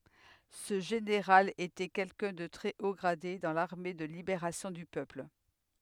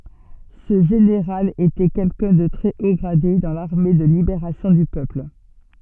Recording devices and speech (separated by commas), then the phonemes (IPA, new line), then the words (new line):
headset microphone, soft in-ear microphone, read sentence
sə ʒeneʁal etɛ kɛlkœ̃ də tʁɛ o ɡʁade dɑ̃ laʁme də libeʁasjɔ̃ dy pøpl
Ce général était quelqu'un de très haut gradé dans l'armée de Libération du Peuple.